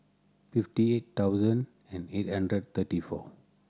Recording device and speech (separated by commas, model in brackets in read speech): standing microphone (AKG C214), read sentence